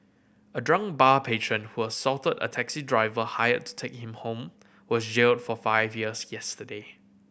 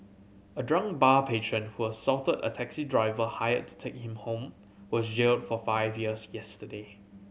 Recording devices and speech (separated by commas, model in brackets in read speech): boundary microphone (BM630), mobile phone (Samsung C7100), read sentence